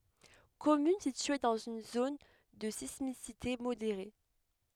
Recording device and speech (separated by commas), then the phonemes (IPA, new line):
headset microphone, read sentence
kɔmyn sitye dɑ̃z yn zon də sismisite modeʁe